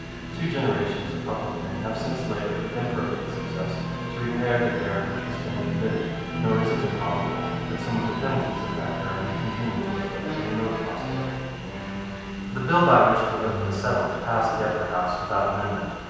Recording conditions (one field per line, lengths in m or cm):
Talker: one person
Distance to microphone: 7.1 m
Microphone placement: far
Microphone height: 1.7 m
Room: very reverberant, large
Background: television